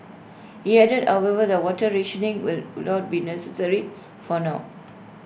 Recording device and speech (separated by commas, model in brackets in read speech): boundary microphone (BM630), read sentence